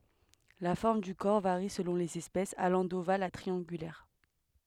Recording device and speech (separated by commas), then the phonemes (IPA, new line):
headset microphone, read sentence
la fɔʁm dy kɔʁ vaʁi səlɔ̃ lez ɛspɛsz alɑ̃ doval a tʁiɑ̃ɡylɛʁ